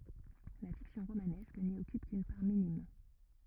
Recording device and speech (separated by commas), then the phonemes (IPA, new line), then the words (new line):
rigid in-ear microphone, read sentence
la fiksjɔ̃ ʁomanɛsk ni ɔkyp kyn paʁ minim
La fiction romanesque n’y occupe qu’une part minime.